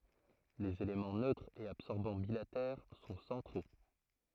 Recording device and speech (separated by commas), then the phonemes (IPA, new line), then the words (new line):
throat microphone, read sentence
lez elemɑ̃ nøtʁ e absɔʁbɑ̃ bilatɛʁ sɔ̃ sɑ̃tʁo
Les éléments neutre et absorbant bilatères sont centraux.